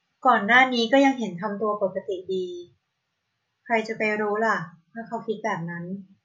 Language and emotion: Thai, neutral